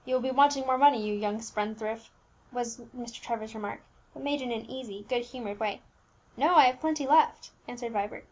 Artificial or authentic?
authentic